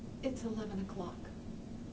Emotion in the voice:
sad